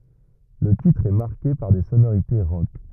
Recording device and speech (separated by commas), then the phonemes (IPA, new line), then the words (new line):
rigid in-ear microphone, read sentence
lə titʁ ɛ maʁke paʁ de sonoʁite ʁɔk
Le titre est marqué par des sonorités rock.